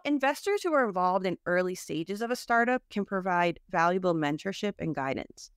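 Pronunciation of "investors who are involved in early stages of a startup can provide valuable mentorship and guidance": The sentence is said in a relaxed, informal, 'I got you' tone, like talking to a friend, with pauses that are much shorter.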